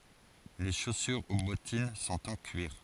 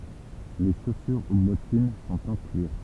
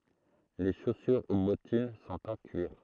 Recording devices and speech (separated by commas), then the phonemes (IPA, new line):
forehead accelerometer, temple vibration pickup, throat microphone, read sentence
le ʃosyʁ u bɔtin sɔ̃t ɑ̃ kyiʁ